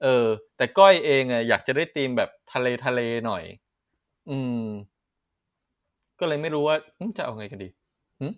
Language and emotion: Thai, neutral